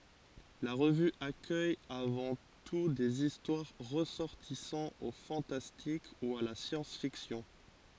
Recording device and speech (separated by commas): forehead accelerometer, read sentence